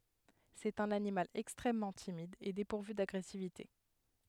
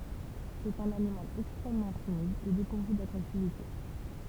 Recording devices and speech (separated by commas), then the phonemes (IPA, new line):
headset microphone, temple vibration pickup, read sentence
sɛt œ̃n animal ɛkstʁɛmmɑ̃ timid e depuʁvy daɡʁɛsivite